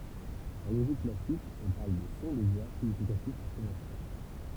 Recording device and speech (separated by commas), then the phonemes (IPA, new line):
temple vibration pickup, read sentence
ɑ̃ loʒik klasik ɔ̃ paʁl də sɔ̃ də vwa siɲifikatif paʁ kɔ̃vɑ̃sjɔ̃